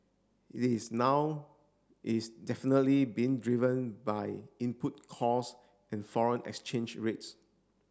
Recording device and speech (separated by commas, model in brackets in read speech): standing microphone (AKG C214), read sentence